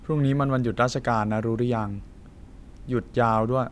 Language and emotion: Thai, frustrated